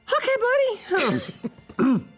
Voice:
high-pitched